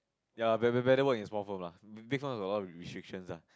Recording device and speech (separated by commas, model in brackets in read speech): close-talking microphone, conversation in the same room